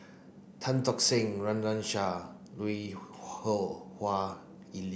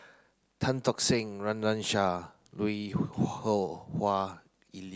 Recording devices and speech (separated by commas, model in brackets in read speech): boundary microphone (BM630), close-talking microphone (WH30), read sentence